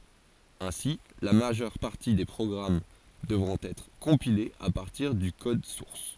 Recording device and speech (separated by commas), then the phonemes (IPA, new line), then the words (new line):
forehead accelerometer, read sentence
ɛ̃si la maʒœʁ paʁti de pʁɔɡʁam dəvʁɔ̃t ɛtʁ kɔ̃pilez a paʁtiʁ dy kɔd suʁs
Ainsi, la majeure partie des programmes devront être compilés à partir du code source.